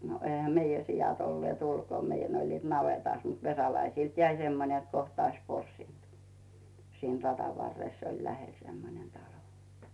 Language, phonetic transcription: Finnish, no , eⁱhä 'meijä sijat o1lⁱèt ulkòm meijän ‿oĺliit 'navetàs mut 'Vesalaisilt "jäi semmon͕ ‿et 'koht ‿ois porsìnt , siin 'raDav varres oĺ lähel semmonen 'talo .
- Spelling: no eihän meidän siat olleet ulkona meidän olivat navetassa mutta Vesalaisilta jäi semmoinen että kohta olisi porsinut siinä radan varressa oli lähellä semmoinen talo

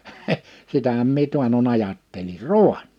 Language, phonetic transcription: Finnish, 'sitähäm mie 'tuano'n ‿ajattelir "rùa(n) .
- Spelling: sitähän minä taannoin ajattelin raani

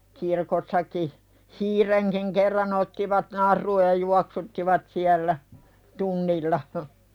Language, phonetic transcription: Finnish, 'kirkossaki , "hiireŋkiŋ kerran ‿ottivat 'nar̆ruuj ja "juaksuttivat 'siällä , "tunnilla hə .
- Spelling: kirkossakin hiirenkin kerran ottivat naruun ja juoksuttivat siellä tunnilla -

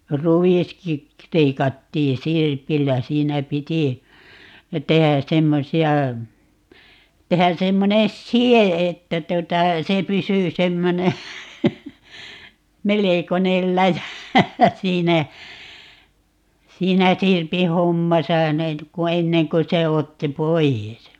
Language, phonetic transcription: Finnish, "ruviski , 'leikattii "sirpillä - 'siinä 'piti , 'tehä "semmosi₍a , 'tehä 'semmonen "si₍e 'että 'tuᵒta , 'se 'pysy 'semmone , "melekonel 'läjä , 'siinä , 'siinä "sirpi 'hommasa 'net ku "enneŋ ku se 'otti "poi₍es .
- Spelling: ruiskin leikattiin sirpillä siinä piti tehdä semmoisia tehdä semmoinen side että tuota se pysyi semmoinen melkoinen läjä siinä siinä sirpin hommassa ne kun ennen kuin se otti pois

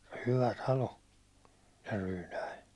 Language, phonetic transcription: Finnish, 'hyvä 'talo , se 'Ryynäi .
- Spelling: hyvä talo se Ryynä

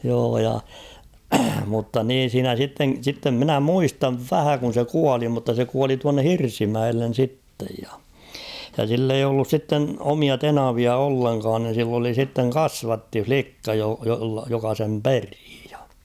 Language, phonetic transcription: Finnish, joo ja , mutta 'niin̬ siinä 'sitten̬ , sittem minä 'muistav "vähä kun̬ se 'kuali mutta se kuali tuanne "Hirsimäellen̬ 'sittej ja ; ja sill ‿eij ‿ollus 'sitten 'omia "tenavia 'olleŋkaan (ni) sill ‿oli sitteŋ ''kasvatti''flikka jo- joka sem ''perɪɪ ᴊᴀ .
- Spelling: joo ja mutta niin siinä sitten sitten minä muistan vähän kun se kuoli mutta se kuoli tuonne Hirsimäelle sitten ja ja sillä ei ollut sitten omia tenavia ollenkaan niin sillä oli sitten kasvattilikka - joka sen peri ja

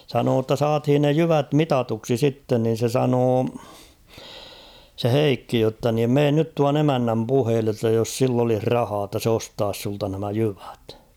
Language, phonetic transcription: Finnish, sanoo ‿tta 'saathin ne "jyvät "mitatuksi 'sitten nin̬ se 'sanoo , se "Heikki jotta niim 'meen nyt tuan ‿"emännäm 'puheelle ‿ttä jos 'sill ‿olih "rahaa ‿tta 's ‿ostaas sulta nämä 'jyvᴀ̈t .
- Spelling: sanoi jotta saatiin ne jyvät mitatuksi sitten niin se sanoi se Heikki jotta niin mene nyt tuon emännän puheille että jos sillä olisi rahaa jotta se ostaisi sinulta nämä jyvät

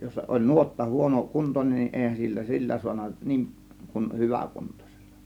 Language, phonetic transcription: Finnish, jos oĺ 'nuotta 'huono 'kunton͕en nin , "èihän sillä 'sillä suana 'niiŋˀ , kun "hyvä̀ 'kuntosELLA .
- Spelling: jos oli nuotta - huonokuntoinen niin eihän sillä sillä saanut niin kuin - hyväkuntoisella

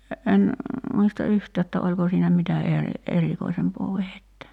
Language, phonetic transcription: Finnish, en , 'muista "yhtää että 'oĺko siinä 'mitä eri- , 'erikoisempoo vehettä .
- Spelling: en muista yhtään että oliko siinä mitä - erikoisempaa vehjettä

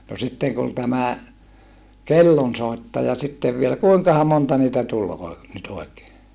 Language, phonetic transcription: Finnish, no sitteŋ kun tämä , kellonsòittaja sittev vielä kuiŋkaha monta niitä tul oi- , nyt oi̮kee ?
- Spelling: no sitten kun tämä kellonsoittaja sitten vielä kuinkahan monta niitä tuli - nyt oikein

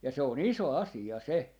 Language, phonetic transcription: Finnish, ja 'se o"n ‿iso "asi₍a 'se .
- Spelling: ja se on iso asia se

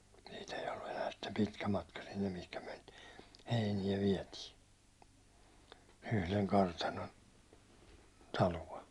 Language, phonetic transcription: Finnish, siit ‿ei ollu enää sitte 'pitkä 'matka sinnem mihkä myäₒ niit , 'heinijä 'viɛtii , yhleŋ 'kartanon , 'talua̬ .
- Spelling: siitä ei ollut enää sitten pitkä matka sinne mihin me niitä heiniä vietiin yhden kartanon taloa

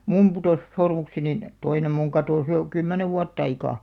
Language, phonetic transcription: Finnish, 'mum putòs , 'sormuksenin , 'toinem muŋ 'katòs jo , "kymmänev 'vuat't ‿aikà .
- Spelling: minun putosi sormukseni toinen minun katosi jo kymmenen vuotta aika

